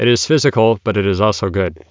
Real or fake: real